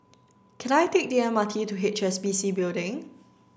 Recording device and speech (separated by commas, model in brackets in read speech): standing microphone (AKG C214), read sentence